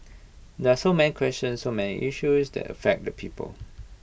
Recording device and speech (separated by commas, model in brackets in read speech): boundary microphone (BM630), read sentence